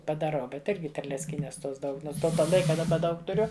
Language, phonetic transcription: Lithuanian, padaˈrau ˈbet ˈirgi terlecˈkynes ˈtos ˈdaug ˈnons ˈto ˈlaika daˈba ˈdaug tuˈriu

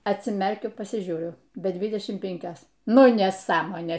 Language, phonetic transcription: Lithuanian, atsiˈmerkiu pasiˈžiūriu be ˈdvidešim ˈpinkios ˈnu neˈsąmonė

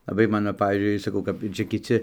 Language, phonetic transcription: Lithuanian, laˈbai ˈmano ˈpavyzdžiui saˈkau kap ˈčia kiˈci

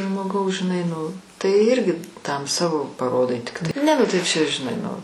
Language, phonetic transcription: Lithuanian, žmoˈgaus žiˈnai nu tai ˈirgi tam ˈsavo paˈrodai ˈtiktai ˈne ˈnu tai ˈčia žiˈnai nu

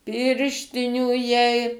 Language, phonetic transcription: Lithuanian, ˈpirštinių jai

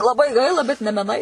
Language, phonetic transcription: Lithuanian, laˈbai ˈgaila bet ne meˈnai

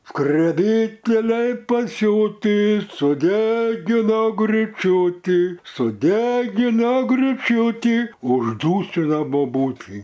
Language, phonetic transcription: Lithuanian, skreˈbyteliai paˈsiūtį suˈdegino gryˈčiutį suˈdegino gryˈčiutį užˈdūsina boˈbūtį

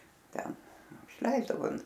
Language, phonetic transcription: Lithuanian, ˈten išˈleisdavo

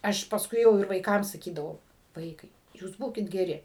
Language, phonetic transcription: Lithuanian, ˈaš pasˈkui jau ir vaiˈkam saˈkydavau ˈvaikai jūs ˈbūkit geˈri

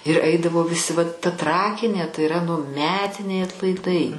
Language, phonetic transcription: Lithuanian, ir ˈaidavo viˈsi vat ta ˈtrakinė tai iˈra nu ˈmetiniai atlaiˈdai

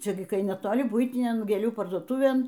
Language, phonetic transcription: Lithuanian, ˈčia gi kai neˈtoli ˈbuitinian gėˈlių parduoˈtuvėn

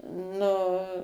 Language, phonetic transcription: Lithuanian, ˈnu

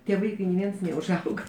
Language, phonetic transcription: Lithuanian, tie ˈvaikai ni ˈviens neužˈauga

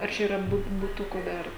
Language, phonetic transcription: Lithuanian, ar ˈčia yˈra ˈbut buˈtukų ˈdar

